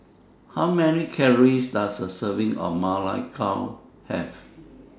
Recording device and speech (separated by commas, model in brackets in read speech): standing microphone (AKG C214), read sentence